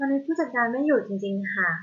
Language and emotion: Thai, neutral